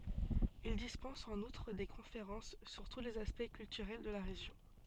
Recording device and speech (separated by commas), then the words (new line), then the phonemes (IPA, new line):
soft in-ear microphone, read sentence
Il dispense en outre des conférences sur tous les aspects culturels de la région.
il dispɑ̃s ɑ̃n utʁ de kɔ̃feʁɑ̃s syʁ tu lez aspɛkt kyltyʁɛl də la ʁeʒjɔ̃